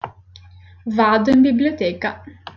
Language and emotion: Italian, happy